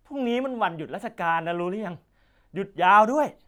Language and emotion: Thai, frustrated